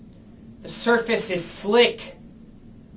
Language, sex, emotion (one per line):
English
male
angry